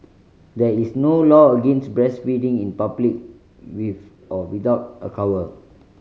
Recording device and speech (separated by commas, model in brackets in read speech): mobile phone (Samsung C5010), read sentence